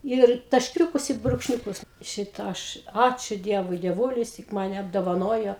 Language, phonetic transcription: Lithuanian, ir tašˈkiūkus i brūkšˈniūkus ˈšita ˈaš ˈačiu ˈdievui dieˈvūlis tik maˈne apdovaˈnojo

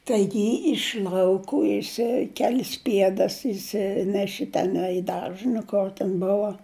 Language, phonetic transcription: Lithuanian, ˈtaigi iš lauˈkų jiˈsai ˈkelis ˈpiedas išˈsineši teˈnai i ˈdaržə nu ˈkor ten ˈbova

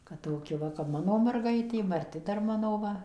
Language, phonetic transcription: Lithuanian, kad ˈtoki ˈva kap ˈmano marˈgaitė marˈti ˈdar ˈmano ˈva

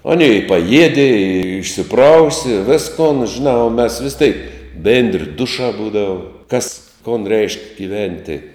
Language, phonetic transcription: Lithuanian, aˈnė i paˈjiedi i išsiˈprausi i ˈviskon žiˈnā o mes vis teik ˈbėndri ˈdušā ˈbūdavu kas kon reišk' giˈventi

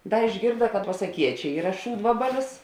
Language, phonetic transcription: Lithuanian, ˈda išˈgirda kad pasaˈkiečia ˈyra ˈšūdvabalis

